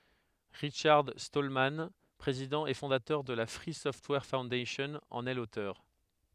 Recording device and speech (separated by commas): headset microphone, read sentence